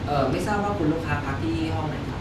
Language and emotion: Thai, neutral